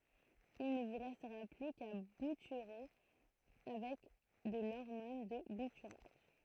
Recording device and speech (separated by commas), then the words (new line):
throat microphone, read sentence
Il ne vous restera plus qu'à bouturer avec de l'hormone de bouturage.